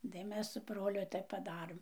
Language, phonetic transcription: Lithuanian, tai ˈmes su ˈbroliu ˈtaip paˈdarɘm

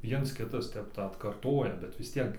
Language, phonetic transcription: Lithuanian, ˈviens ˈkitas ˈtep ˈtą atkarˈtoja bet vis ˈtiek

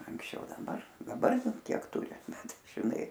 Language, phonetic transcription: Lithuanian, anksˈčiau daˈbar daˈbar ˈkiek ˈturi ˈbet žiˈnai

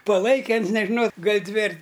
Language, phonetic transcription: Lithuanian, paˈlaike ˈans nežiˈnau ˈgal' ˈdvi ar

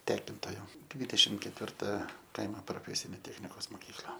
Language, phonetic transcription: Lithuanian, ˈtekintojo ˈdvydešim ketvirˈta ˈkaimo proˈfesinė ˈtechnikos moˈkykla

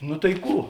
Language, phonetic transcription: Lithuanian, nu tai ˈkų

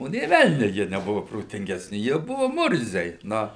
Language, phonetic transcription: Lithuanian, ˈo nė ˈvelniu ˈjie neˈbuvu protingesˈni jie ˈbuvu ˈmurziai ˈnu

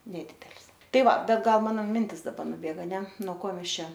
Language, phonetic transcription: Lithuanian, neˈdydel's ˈtai ˈva ˈbet ˈgal ˈmano ˈmintis daˈbar nuˈbėga aˈne no ˈko ˈmes ˈčia

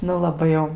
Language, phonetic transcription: Lithuanian, ˈnu laˈbai jau

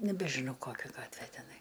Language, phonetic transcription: Lithuanian, nebeˈžino ˈkokia ˈgatvė teˈnai

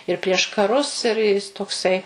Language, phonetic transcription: Lithuanian, ir prieš kaˈrus ir ˈjis toˈksai

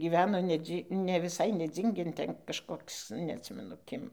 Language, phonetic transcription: Lithuanian, gyˈveno neˈdzy ne viˈsai neˈdzyngėn ˈten kažˈkoks neatˈsimenu ˈkim

